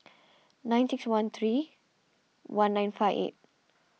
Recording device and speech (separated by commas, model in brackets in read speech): mobile phone (iPhone 6), read sentence